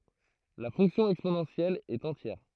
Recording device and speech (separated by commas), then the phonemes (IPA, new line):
throat microphone, read sentence
la fɔ̃ksjɔ̃ ɛksponɑ̃sjɛl ɛt ɑ̃tjɛʁ